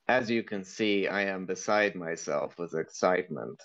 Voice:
In monotone voice